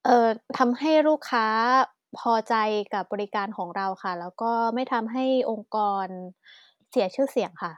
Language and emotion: Thai, neutral